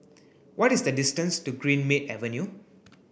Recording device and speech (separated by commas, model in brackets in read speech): boundary microphone (BM630), read sentence